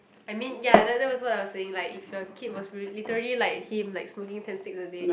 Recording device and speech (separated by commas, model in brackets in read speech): boundary microphone, conversation in the same room